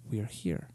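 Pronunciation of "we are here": At natural speed, the pitch steps down like a staircase from 'we' at the top to 'here'. The changes are less evident than in slow speech, but they are there.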